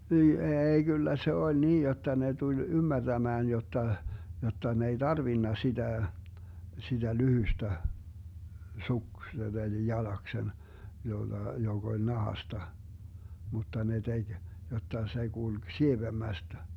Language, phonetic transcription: Finnish, nii "eei 'kyllä se 'oĺ "niij 'jotta 'ne 'tuĺ "ymmärDämään 'jotta , 'jotta ne ei "Darvinna 'siDä̀ , 'siDä "lyhystä , 'suksen eli 'jalaksen , 'jolla , 'joG ‿oĺ 'nahasta , 'mutta ne 'teG , 'jotta se 'GulG "sievemmästä .
- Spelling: niin ei kyllä se oli niin jotta ne tuli ymmärtämään jotta jotta ne ei tarvinnut sitä sitä lyhyistä suksen eli jalaksen jolla joka oli nahasta mutta ne teki jotta se kulki sievemmästä

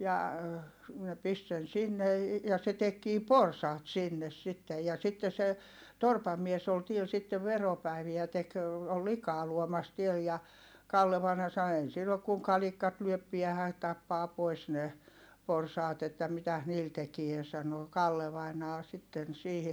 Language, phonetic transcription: Finnish, ja , ne pist sen sinne , ja se tekkii porsaat sinnes sittej ja sitte se , torpam mies ‿ol tiel sittev veropäiviä tek , ol likaa luomas tiel ja , Kalle vaina sano » ei sill ‿ok kuŋ kalik̆kat lyöp piähä , tappaa pois ne , porsaat ‿että mitäs niil tekie » sano , Kalle vainaa sitten siihi .
- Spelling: ja ne pisti sen sinne ja se tekikin porsaat sinne sitten ja sitten se torpan mies oli täällä sitten veropäiviä teki oli likaa luomassa täällä ja Kalle vainaja sanoi ei sillä ole kuin kalikat lyö päähän tappaa pois ne porsaat että mitäs niillä tekee sanoi Kalle vainaja sitten siihen

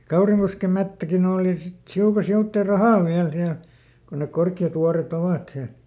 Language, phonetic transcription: Finnish, ʲᵃ ˈKauriŋkoskem̆ ˈmettäkiˈn ‿ooli sit , ˈhiuka ˈsiuttè "rahàv ˈviäl ˈsiäl , kon nek ˈkorkki₍at ˈvuare"t ‿ovàt siäˡ .
- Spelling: ja Kaurinkosken metsäkin oli sitten hiukan sivuitse rahan vielä siellä kun ne korkeat vuoret ovat siellä

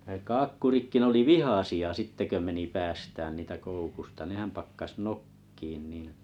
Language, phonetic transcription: Finnish, ne 'kaakkurikki 'n ‿oli "vihàsi₍a 'sitte kö meni 'päästään niitä 'koukusta 'nehäm 'pakkas "nok̀kiin niin .
- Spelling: ne kaakkuritkin ne oli vihaisia sitten kun meni päästämään niitä koukusta nehän pakkasi nokkimaan niin

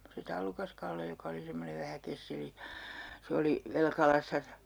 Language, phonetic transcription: Finnish, se 'Tallukas-Kalle joka oli 'semmonev vähä 'kesseli , 'se oli , 'Velkalassa , .
- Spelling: se Tallukas-Kalle joka oli semmoinen vähän kesseli se oli Velkalassa

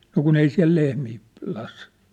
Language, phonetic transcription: Finnish, 'no kun ‿ei 'siä̭l lehmii , p- las .
- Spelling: no kun ei siellä lehmiä - -

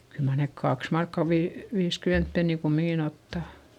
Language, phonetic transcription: Finnish, kyl mar nek kaks markka vii- , viiskyment penni kummiŋkin ‿ottà .
- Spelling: kyllä mar ne kaksi markkaa - viisikymmentä penniä kumminkin ottaa

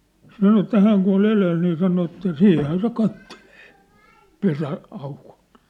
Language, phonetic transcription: Finnish, sano että 'hääŋ kun̬ ‿ol 'eleel nii sano että "siih̆hän se 'kattelee , 'pesä- , '-aukᴏʟt .
- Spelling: sanoi että hän kun oli edellä niin sanoi että siinähän se katselee - pesäaukolta

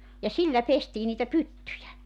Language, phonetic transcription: Finnish, ja 'sillä 'pestii niitä "pyttyjä .
- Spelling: ja sillä pestiin niitä pyttyjä

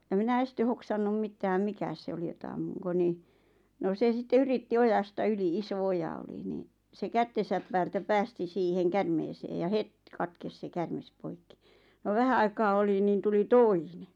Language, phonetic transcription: Finnish, « ʲa minä 'este 'hoksannum 'mittääm "mikä se oli jota » ammuŋko « ni , no 'se sitte 'yritti "ojasta 'yli 'iso 'oja oli niiⁿ , se 'kättesäp päältä 'päästi 'siiheŋ 'kärmeesee ja "het , 'katkes se 'kärmes 'poikki , no 'vähä aikaa oli niin tuli "toine .
- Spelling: ja minä ensin hoksannut mitään mikä se oli jota ammunko niin no se sitten yritti ojasta yli iso oja oli niin se kättensä päältä päästi siihen käärmeeseen ja heti katkesi se käärme poikki no vähän aikaa oli niin tuli toinen

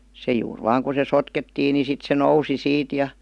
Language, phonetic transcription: Finnish, se juur 'vaaŋ ku se "sotkettiin ni sit se "nousi 'siit ja ,.
- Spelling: se juuri vain kun se sotkettiin niin sitten se nousi siitä ja

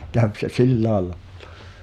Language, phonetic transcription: Finnish, käv se "sillääl'lᴀᴀʟᴀ .
- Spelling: kävi se sillä lailla

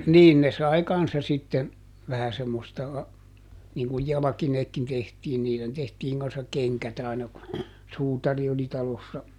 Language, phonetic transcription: Finnish, ˈniin ne sai ˈkanssa sitten , vähä semmosta , niŋ kuj "jalᵃkineetkin ˈtehtiin - niilen ˈtehtiiŋ kan̬ssak̆ "keŋkät aina ku , ˈsuutari oli ˈtalossa .
- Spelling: niin ne sai kanssa sitten vähän semmoista niin kun jalkineetkin tehtiin niille tehtiin kanssa kengät aina kun suutari oli talossa

